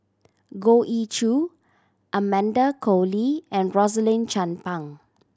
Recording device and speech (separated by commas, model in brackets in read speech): standing microphone (AKG C214), read sentence